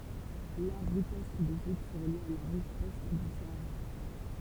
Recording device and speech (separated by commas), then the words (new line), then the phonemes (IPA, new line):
temple vibration pickup, read sentence
L'art rupestre d'Égypte serait lié à l'art rupestre du Sahara.
laʁ ʁypɛstʁ deʒipt səʁɛ lje a laʁ ʁypɛstʁ dy saaʁa